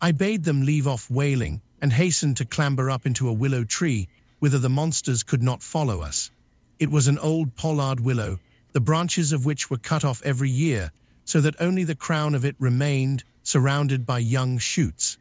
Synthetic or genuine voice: synthetic